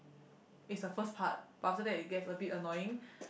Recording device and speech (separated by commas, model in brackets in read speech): boundary microphone, conversation in the same room